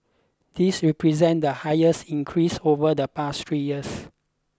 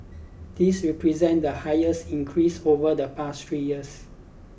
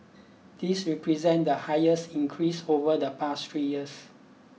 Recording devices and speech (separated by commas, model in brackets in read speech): close-talking microphone (WH20), boundary microphone (BM630), mobile phone (iPhone 6), read sentence